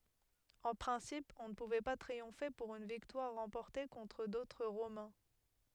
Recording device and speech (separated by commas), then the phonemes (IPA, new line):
headset microphone, read sentence
ɑ̃ pʁɛ̃sip ɔ̃ nə puvɛ pa tʁiɔ̃fe puʁ yn viktwaʁ ʁɑ̃pɔʁte kɔ̃tʁ dotʁ ʁomɛ̃